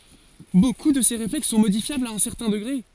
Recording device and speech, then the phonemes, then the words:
forehead accelerometer, read sentence
boku də se ʁeflɛks sɔ̃ modifjablz a œ̃ sɛʁtɛ̃ dəɡʁe
Beaucoup de ces réflexes sont modifiables à un certain degré.

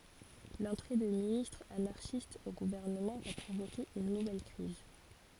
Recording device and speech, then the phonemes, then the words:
forehead accelerometer, read sentence
lɑ̃tʁe də ministʁz anaʁʃist o ɡuvɛʁnəmɑ̃ va pʁovoke yn nuvɛl kʁiz
L'entrée de ministres anarchiste au gouvernement va provoquer une nouvelle crise.

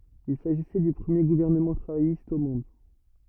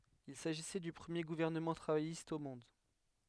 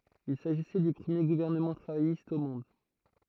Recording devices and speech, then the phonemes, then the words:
rigid in-ear microphone, headset microphone, throat microphone, read sentence
il saʒisɛ dy pʁəmje ɡuvɛʁnəmɑ̃ tʁavajist o mɔ̃d
Il s'agissait du premier gouvernement travailliste au monde.

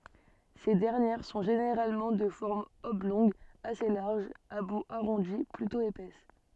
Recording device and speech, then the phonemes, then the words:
soft in-ear microphone, read sentence
se dɛʁnjɛʁ sɔ̃ ʒeneʁalmɑ̃ də fɔʁm ɔblɔ̃ɡ ase laʁʒ a bu aʁɔ̃di plytɔ̃ epɛs
Ces dernières sont généralement de forme oblongue assez large, à bout arrondi, plutôt épaisses.

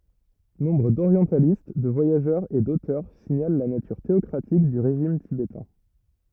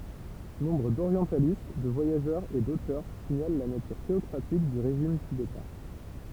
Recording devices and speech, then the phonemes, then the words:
rigid in-ear microphone, temple vibration pickup, read sentence
nɔ̃bʁ doʁjɑ̃talist də vwajaʒœʁz e dotœʁ siɲal la natyʁ teɔkʁatik dy ʁeʒim tibetɛ̃
Nombre d'orientalistes, de voyageurs et d'auteurs signalent la nature théocratique du régime tibétain.

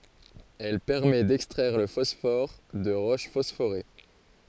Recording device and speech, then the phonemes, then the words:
forehead accelerometer, read sentence
ɛl pɛʁmɛ dɛkstʁɛʁ lə fɔsfɔʁ də ʁoʃ fɔsfoʁe
Elle permet d’extraire le phosphore de roches phosphorées.

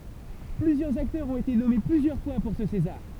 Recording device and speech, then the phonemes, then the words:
temple vibration pickup, read sentence
plyzjœʁz aktœʁz ɔ̃t ete nɔme plyzjœʁ fwa puʁ sə sezaʁ
Plusieurs acteurs ont été nommés plusieurs fois pour ce César.

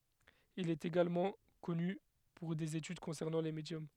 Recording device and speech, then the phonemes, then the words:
headset microphone, read sentence
il ɛt eɡalmɑ̃ kɔny puʁ dez etyd kɔ̃sɛʁnɑ̃ le medjɔm
Il est également connu pour des études concernant les médiums.

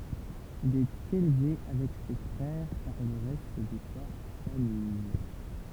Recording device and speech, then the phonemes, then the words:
temple vibration pickup, read sentence
il ɛt elve avɛk se fʁɛʁ paʁ lə ʁɛst də sa famij
Il est élevé avec ses frères par le reste de sa famille.

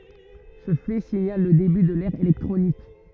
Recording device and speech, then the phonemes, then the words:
rigid in-ear microphone, read sentence
sə fɛ siɲal lə deby də lɛʁ elɛktʁonik
Ce fait signale le début de l'ère électronique.

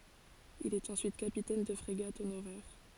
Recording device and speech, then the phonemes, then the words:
forehead accelerometer, read sentence
il ɛt ɑ̃syit kapitɛn də fʁeɡat onoʁɛʁ
Il est ensuite capitaine de frégate honoraire.

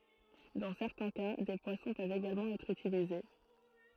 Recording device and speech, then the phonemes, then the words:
throat microphone, read sentence
dɑ̃ sɛʁtɛ̃ ka de pwasɔ̃ pøvt eɡalmɑ̃ ɛtʁ ytilize
Dans certains cas, des poissons peuvent également être utilisés.

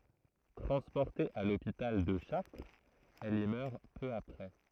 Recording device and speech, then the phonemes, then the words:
throat microphone, read sentence
tʁɑ̃spɔʁte a lopital də ʃaʁtʁz ɛl i mœʁ pø apʁɛ
Transportée à l'hôpital de Chartres, elle y meurt peu après.

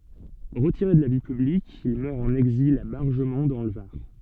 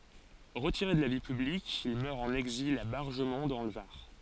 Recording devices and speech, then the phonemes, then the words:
soft in-ear microphone, forehead accelerometer, read sentence
ʁətiʁe də la vi pyblik il mœʁ ɑ̃n ɛɡzil a baʁʒəmɔ̃ dɑ̃ lə vaʁ
Retiré de la vie publique, il meurt en exil à Bargemon dans le Var.

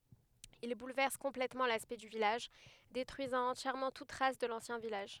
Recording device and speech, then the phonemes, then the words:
headset microphone, read sentence
il bulvɛʁs kɔ̃plɛtmɑ̃ laspɛkt dy vilaʒ detʁyizɑ̃ ɑ̃tjɛʁmɑ̃ tut tʁas də lɑ̃sjɛ̃ vilaʒ
Il bouleverse complètement l'aspect du village, détruisant entièrement toute trace de l'ancien village.

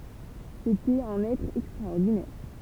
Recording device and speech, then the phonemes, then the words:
temple vibration pickup, read sentence
setɛt œ̃n ɛtʁ ɛkstʁaɔʁdinɛʁ
C’était un être extraordinaire.

